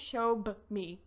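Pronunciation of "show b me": The phrase is said as 'show b me', with a b sound between 'show' and 'me'. This is not the right way to say 'show me'.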